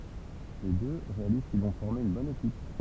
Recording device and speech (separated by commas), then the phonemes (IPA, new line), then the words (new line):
temple vibration pickup, read sentence
le dø ʁealiz kil vɔ̃ fɔʁme yn bɔn ekip
Les deux réalisent qu'ils vont former une bonne équipe.